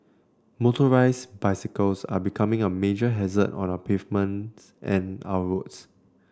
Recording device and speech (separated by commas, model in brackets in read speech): standing microphone (AKG C214), read sentence